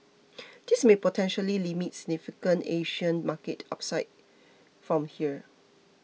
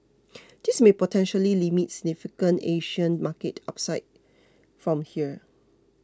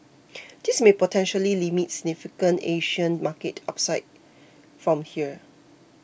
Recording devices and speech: mobile phone (iPhone 6), close-talking microphone (WH20), boundary microphone (BM630), read sentence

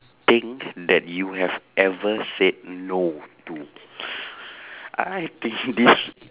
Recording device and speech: telephone, conversation in separate rooms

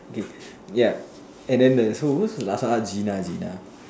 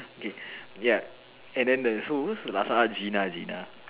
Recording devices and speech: standing microphone, telephone, conversation in separate rooms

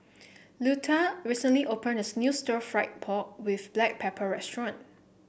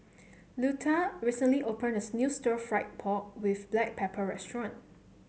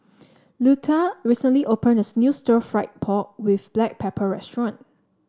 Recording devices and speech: boundary microphone (BM630), mobile phone (Samsung C7), standing microphone (AKG C214), read sentence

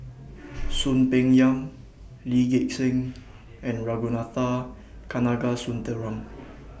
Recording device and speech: boundary microphone (BM630), read sentence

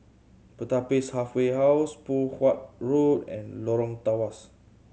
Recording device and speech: mobile phone (Samsung C7100), read sentence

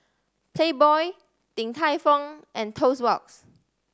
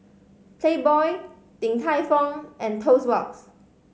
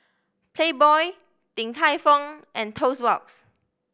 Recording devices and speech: standing microphone (AKG C214), mobile phone (Samsung C5010), boundary microphone (BM630), read sentence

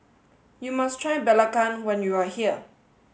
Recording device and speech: mobile phone (Samsung S8), read sentence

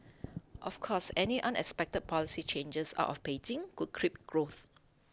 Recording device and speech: close-talking microphone (WH20), read sentence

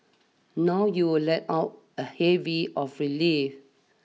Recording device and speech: mobile phone (iPhone 6), read sentence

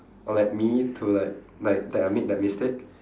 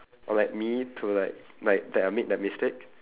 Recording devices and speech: standing microphone, telephone, conversation in separate rooms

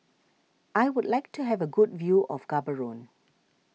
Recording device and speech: mobile phone (iPhone 6), read sentence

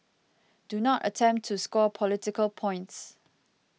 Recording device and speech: mobile phone (iPhone 6), read sentence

